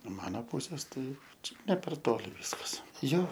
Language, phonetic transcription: Lithuanian, ˈmano ˈpūsės ˈtai ˈčia ne per ˈtoli ˈviskas ˈjo

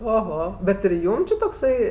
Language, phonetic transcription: Lithuanian, oˈho bet ir ˈjūm či tokˈsai

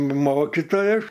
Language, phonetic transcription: Lithuanian, ˈmokitojas

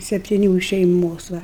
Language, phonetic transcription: Lithuanian, septiˈnių iš šeiˈmos ˈva

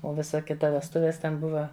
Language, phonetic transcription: Lithuanian, o ˈvisa ˈkita vesˈtuvės ˈten ˈbuva

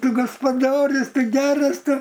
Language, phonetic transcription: Lithuanian, ˈtu gaspaˈdorius ˈtu ˈgeras ˈtu

